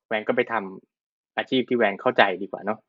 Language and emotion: Thai, frustrated